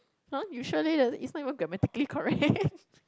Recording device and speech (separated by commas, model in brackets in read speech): close-talking microphone, conversation in the same room